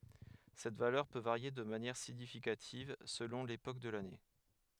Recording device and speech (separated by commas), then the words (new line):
headset microphone, read sentence
Cette valeur peut varier de manière significative selon l’époque de l’année.